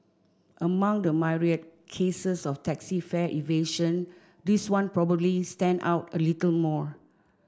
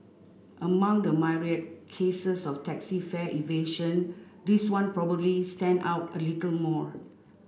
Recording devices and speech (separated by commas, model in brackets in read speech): standing microphone (AKG C214), boundary microphone (BM630), read sentence